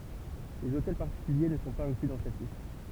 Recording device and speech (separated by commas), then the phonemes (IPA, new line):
temple vibration pickup, read sentence
lez otɛl paʁtikylje nə sɔ̃ paz ɛ̃kly dɑ̃ sɛt list